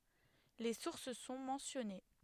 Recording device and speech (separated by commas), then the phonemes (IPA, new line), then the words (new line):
headset microphone, read sentence
le suʁs sɔ̃ mɑ̃sjɔne
Les sources sont mentionnées.